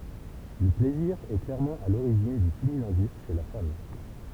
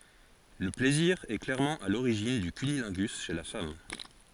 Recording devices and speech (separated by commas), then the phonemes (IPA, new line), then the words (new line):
temple vibration pickup, forehead accelerometer, read sentence
lə plɛziʁ ɛ klɛʁmɑ̃ a loʁiʒin dy kynilɛ̃ɡys ʃe la fam
Le plaisir est clairement à l’origine du cunnilingus chez la femme.